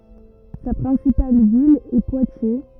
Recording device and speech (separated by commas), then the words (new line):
rigid in-ear microphone, read sentence
Sa principale ville est Poitiers.